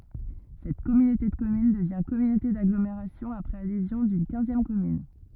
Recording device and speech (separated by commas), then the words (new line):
rigid in-ear microphone, read sentence
Cette communauté de communes devient communauté d'agglomération après adhésion d'une quinzième commune.